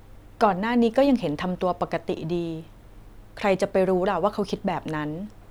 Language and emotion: Thai, neutral